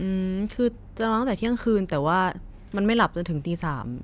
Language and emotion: Thai, neutral